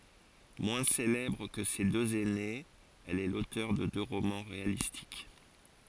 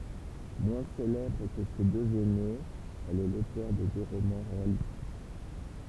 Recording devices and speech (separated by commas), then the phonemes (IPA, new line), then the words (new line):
forehead accelerometer, temple vibration pickup, read sentence
mwɛ̃ selɛbʁ kə se døz ɛnez ɛl ɛ lotœʁ də dø ʁomɑ̃ ʁealistik
Moins célèbre que ses deux aînées, elle est l'auteur de deux romans réalistiques.